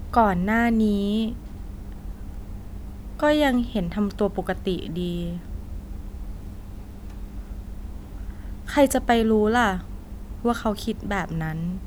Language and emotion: Thai, frustrated